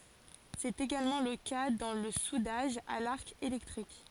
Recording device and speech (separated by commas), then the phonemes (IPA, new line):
forehead accelerometer, read sentence
sɛt eɡalmɑ̃ lə ka dɑ̃ lə sudaʒ a laʁk elɛktʁik